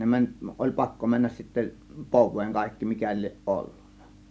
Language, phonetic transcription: Finnish, 'ne mäń , oĺ "pakko 'männäs sittä "pov̆veeŋ 'kàėkki 'mikä lieˀ "ˀollUNNA .
- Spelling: ne meni oli pakko mennä sitten poveen kaikki mikä lie ollut

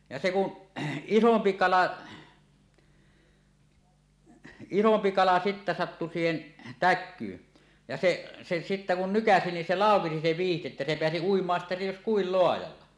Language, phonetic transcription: Finnish, ja se ku , "isompi 'kala , 'isompi kala sittä sattu siihen , "täk̆kyyn , ja 'se , se sittä kun "nykäsi nin 'se "làokesi se 'viihti että se 'peäsi 'uim̀aan sittä 'jos "kuil 'loajalla .
- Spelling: ja se kun isompi kala isompi kala sitten sattui siihen täkyyn ja se se sitten kun nykäisi niin se laukesi se vyyhti että se pääsi uimaan sitten jos kuinka laajalla

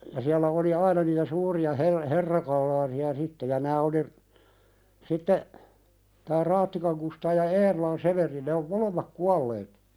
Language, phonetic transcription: Finnish, ja siällä oli "aina niitä 'suuri₍a "her- "herrakal̆laasi₍a 'sitte ja nää oli , 'sitte , tää 'Raattikaŋ Kustaa ja "Eerolan 'Severi ne om "molemmak 'kualleet ,.
- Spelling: ja siellä oli aina niitä suuria - herrakalaasia sitten ja nämä oli sitten tämä Raattikan Kustaa ja Eerolan Severi ne on molemmat kuolleet

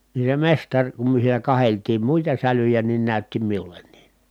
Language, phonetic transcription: Finnish, ni se mestaŕ , kum myö (s)iinä kaheltiim muita sälyjä nin nä̀ytti miul̆lennii .
- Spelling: niin se mestari kun me siinä katseltiin muita sälyjä niin näytti minullekin

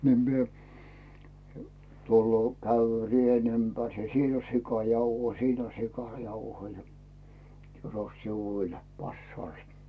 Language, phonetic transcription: Finnish, ni mie , 'tulloo , 'käyvvʸö 'ri₍en ympärs ja » 'siin ‿on "sikàr ‿jauhoi ja 'sin ‿on "sikàrjauhoi « ja » 'tyros si"vuul , 'pas"saalstA « .
- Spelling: niin minä tulee kävelee reen ympäri ja siinä on - sikarijauhoja ja siinä on sikarijauhoja ja tyros sivuul passaalsta

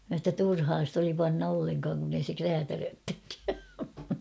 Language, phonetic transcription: Finnish, mä sa ‿tta "turhaa st ‿oli panna 'olleŋkaaŋ kun ‿ei se "kräätärööttekkää .
- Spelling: minä sanoin jotta turhaa sitä oli panna ollenkaan kun ei se räätälöitsekään

